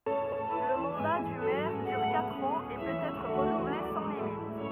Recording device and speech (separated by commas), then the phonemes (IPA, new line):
rigid in-ear microphone, read sentence
lə mɑ̃da dy mɛʁ dyʁ katʁ ɑ̃z e pøt ɛtʁ ʁənuvle sɑ̃ limit